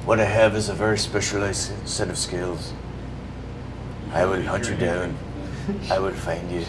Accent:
scottish accent